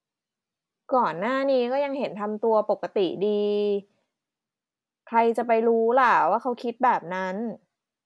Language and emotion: Thai, frustrated